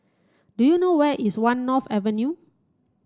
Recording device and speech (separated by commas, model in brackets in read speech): standing microphone (AKG C214), read sentence